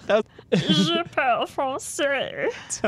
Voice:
in a weird voice